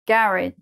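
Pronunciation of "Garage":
'Garage' is said with its last sound as 'idge', so the word ends like 'garridge'.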